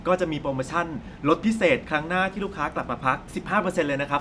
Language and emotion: Thai, happy